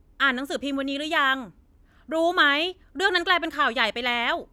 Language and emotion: Thai, angry